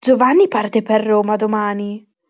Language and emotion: Italian, surprised